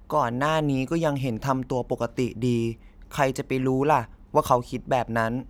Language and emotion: Thai, neutral